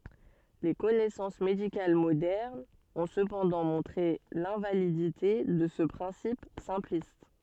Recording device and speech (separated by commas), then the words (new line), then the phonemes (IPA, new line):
soft in-ear microphone, read sentence
Les connaissances médicales modernes ont cependant montré l'invalidité de ce principe simpliste.
le kɔnɛsɑ̃s medikal modɛʁnz ɔ̃ səpɑ̃dɑ̃ mɔ̃tʁe lɛ̃validite də sə pʁɛ̃sip sɛ̃plist